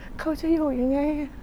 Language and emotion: Thai, sad